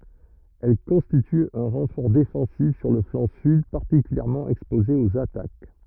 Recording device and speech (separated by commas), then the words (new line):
rigid in-ear microphone, read sentence
Elle constitue un renfort défensif sur le flanc sud particulièrement exposé aux attaques.